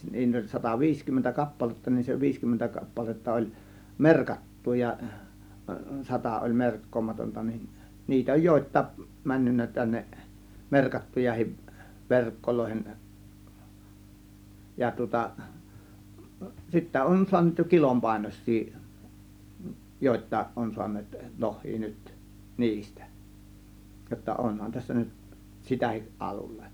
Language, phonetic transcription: Finnish, 'niit ‿oĺ 'sataviiskymmentä 'kappaletta nin se 'viiskymmentä 'kappaletta oĺ , "merkattu ja , 'sata oĺ 'merkkoomatonta nin , 'niitä oj "jòėt̆tàėk , 'männynnä 'tänneˀ , "merkattujahiv "verkkolòihen , 'ja tŭŏta , sittä 'on suan̆neet jo 'kilompàėnois̆sii , 'jòėt̆tàėˀ ˀon su̬an̆neet , "loh̆hii nyt , "niistÄ , jotta "ˀonhan tässä nyt , "sitähiˀ 'ˀalulle .
- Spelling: niitä oli sataviisikymmentä kappaletta niin se viisikymmentä kappaletta oli merkattu ja sata oli merkkaamatonta niin niitä on jotakin mennyt tänne merkattujakin verkkoihin ja tuota sitten on saaneet jo kilon painoisia jotakin on saaneet lohia nyt niistä jotta onhan tässä nyt sitäkin alulle

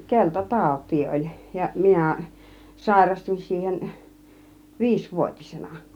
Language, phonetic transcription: Finnish, 'kelta 'tàut̆tii oĺ , ja 'minä̀ , 'sàirastuń siihen , 'viisvuot͕isenA .
- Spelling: - keltatautia oli ja minä sairastuin siihen viisivuotisena

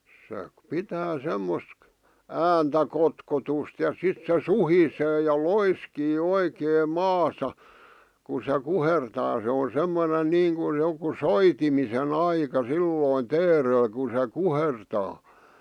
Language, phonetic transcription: Finnish, se 'pitää 'semmosk̳ , "ääntä "kotkotust ja 'sit se "suhisee ja "loiskii "oikeem "maasa , ku se "kuhertaa se o "semmonen "niiŋkuj 'joku "soitimise'n ‿aika "sillòⁱn "teerel ku se "kuhertaa .
- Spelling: se pitää semmoista ääntä kotkotusta ja sitten se suhisee ja loiskii oikein maassa kun se kuhertaa se on semmoinen niin kuin joku soitimisen aika silloin teerellä kun se kuhertaa

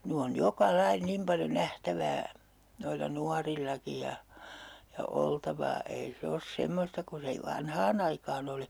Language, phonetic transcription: Finnish, 'ny on "joka "lai 'nim paljo 'nähtävää , noilla 'nuarillaki ja , ja 'oltavaa , ei 'se os 'semmosta ku se i - "vanhaa'n ‿aikaan ‿oli .
- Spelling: nyt on joka lajia niin paljon nähtävää noilla nuorillakin ja ja oltavaa ei se ole semmoista kuin se - vanhaan aikaan oli

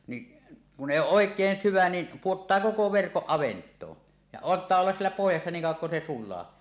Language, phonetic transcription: Finnish, niˀ , kun 'ˀèi 'ooˀ "ˀòek̀een 'syvä ni , 'puottaa "koko "verkoˀ 'ˀavent̀oo , ja ant̀aa ollas 'siellä 'pohjassa niiŋ kàuw̆waŋ kun se "sul̆laa .
- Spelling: niin kun ei ole oikein syvä niin pudottaa koko verkon avantoon ja antaa olla siellä pohjassa niin kauan kuin se sulaa

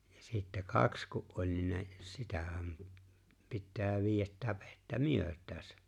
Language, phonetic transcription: Finnish, ja sittä "kaks ku’ ’oĺ̀ ni ne , 'sitähäm , 'pittää 'viijät 'täpettä "myöt̀ääsä .
- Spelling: ja sitten kaksi kun oli niin ne sitähän pitää viedä täpettä myötäänsä

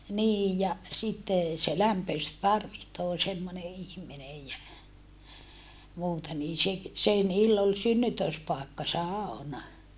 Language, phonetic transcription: Finnish, niij ja , sittè , se (lämpöist) tarvihtoo semmone ihm̀inej jä , muuta niin se , se niill ‿ol synnytö̀spàekka sàona .
- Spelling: niin ja sitten se lämpöistä tarvitsee semmoinen ihminen ja muuta niin se se niillä oli synnytyspaikka sauna

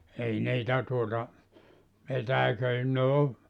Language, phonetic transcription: Finnish, 'ei 'niitä tuota , 'petäiköi ne o ,.
- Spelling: ei niitä tuota petäiköitä ne on

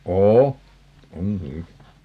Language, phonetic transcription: Finnish, "oo , 'oŋ "ky(llä) .
- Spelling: on on kyllä

